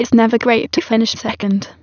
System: TTS, waveform concatenation